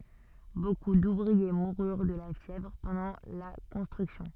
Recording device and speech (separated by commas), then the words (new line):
soft in-ear microphone, read sentence
Beaucoup d'ouvriers moururent de la fièvre pendant la construction.